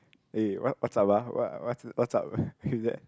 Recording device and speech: close-talking microphone, conversation in the same room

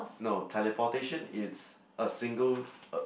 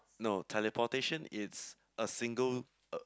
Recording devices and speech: boundary microphone, close-talking microphone, conversation in the same room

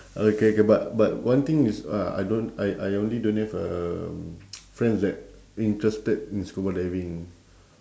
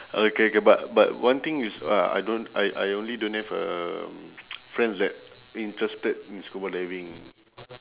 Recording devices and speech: standing microphone, telephone, conversation in separate rooms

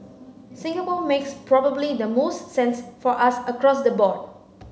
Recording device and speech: mobile phone (Samsung C9), read sentence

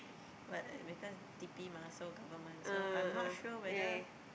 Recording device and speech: boundary microphone, conversation in the same room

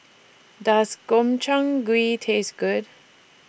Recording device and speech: boundary microphone (BM630), read sentence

